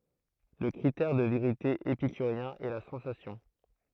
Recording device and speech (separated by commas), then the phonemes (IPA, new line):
throat microphone, read sentence
lə kʁitɛʁ də veʁite epikyʁjɛ̃ ɛ la sɑ̃sasjɔ̃